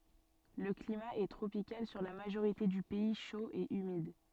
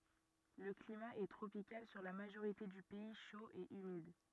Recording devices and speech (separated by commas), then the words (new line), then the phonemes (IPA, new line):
soft in-ear microphone, rigid in-ear microphone, read sentence
Le climat est tropical sur la majorité du pays, chaud et humide.
lə klima ɛ tʁopikal syʁ la maʒoʁite dy pɛi ʃo e ymid